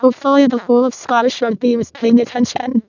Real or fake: fake